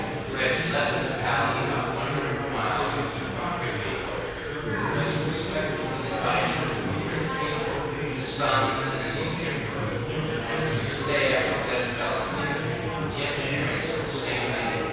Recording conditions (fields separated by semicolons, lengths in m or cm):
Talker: one person; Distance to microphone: 7.1 m; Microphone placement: far; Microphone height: 1.7 m; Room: very reverberant, large; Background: babble